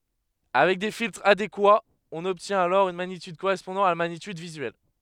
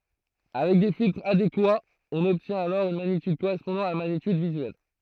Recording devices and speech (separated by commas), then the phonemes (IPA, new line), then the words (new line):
headset microphone, throat microphone, read sentence
avɛk de filtʁz adekwaz ɔ̃n ɔbtjɛ̃t alɔʁ yn maɲityd koʁɛspɔ̃dɑ̃ a la maɲityd vizyɛl
Avec des filtres adéquats, on obtient alors une magnitude correspondant à la magnitude visuelle.